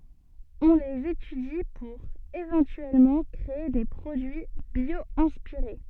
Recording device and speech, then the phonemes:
soft in-ear microphone, read sentence
ɔ̃ lez etydi puʁ evɑ̃tyɛlmɑ̃ kʁee de pʁodyi bjwɛ̃spiʁe

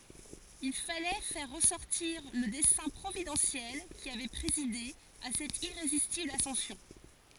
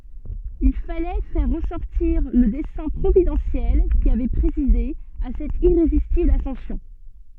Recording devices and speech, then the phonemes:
forehead accelerometer, soft in-ear microphone, read sentence
il falɛ fɛʁ ʁəsɔʁtiʁ lə dɛsɛ̃ pʁovidɑ̃sjɛl ki avɛ pʁezide a sɛt iʁezistibl asɑ̃sjɔ̃

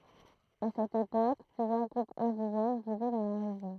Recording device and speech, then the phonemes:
throat microphone, read sentence
a sɛt epok plyzjœʁ ɡʁupz ɛ̃diʒɛn vivɛ dɑ̃ la ʁeʒjɔ̃

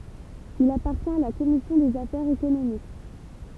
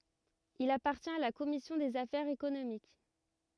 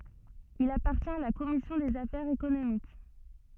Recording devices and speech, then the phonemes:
temple vibration pickup, rigid in-ear microphone, soft in-ear microphone, read sentence
il apaʁtjɛ̃t a la kɔmisjɔ̃ dez afɛʁz ekonomik

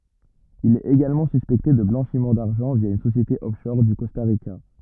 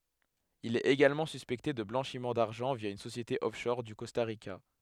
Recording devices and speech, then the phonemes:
rigid in-ear microphone, headset microphone, read sentence
il ɛt eɡalmɑ̃ syspɛkte də blɑ̃ʃim daʁʒɑ̃ vja yn sosjete ɔfʃɔʁ o kɔsta ʁika

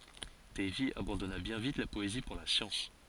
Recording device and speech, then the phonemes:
forehead accelerometer, read sentence
dɛjvi abɑ̃dɔna bjɛ̃ vit la pɔezi puʁ la sjɑ̃s

